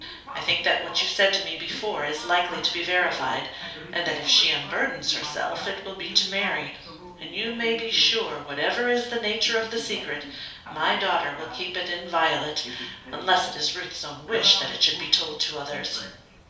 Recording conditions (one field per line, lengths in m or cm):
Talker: one person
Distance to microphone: 3.0 m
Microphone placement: far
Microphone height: 1.8 m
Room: small (3.7 m by 2.7 m)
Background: television